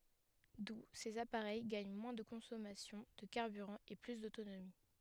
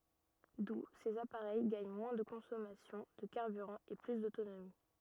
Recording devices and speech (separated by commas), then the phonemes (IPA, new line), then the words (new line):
headset microphone, rigid in-ear microphone, read sentence
du sez apaʁɛj ɡaɲ mwɛ̃ də kɔ̃sɔmasjɔ̃ də kaʁbyʁɑ̃ e ply dotonomi
D'où, ces appareils gagnent moins de consommation de carburant et plus d'autonomie.